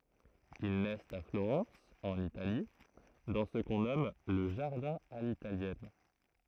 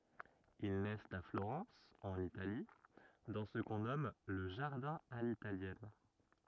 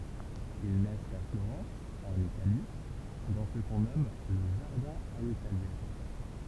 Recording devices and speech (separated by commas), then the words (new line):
throat microphone, rigid in-ear microphone, temple vibration pickup, read sentence
Ils naissent à Florence, en Italie, dans ce qu'on nomme le jardin à l'italienne.